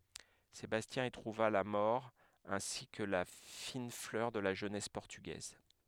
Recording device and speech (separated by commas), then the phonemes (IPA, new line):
headset microphone, read sentence
sebastjɛ̃ i tʁuva la mɔʁ ɛ̃si kə la fin flœʁ də la ʒønɛs pɔʁtyɡɛz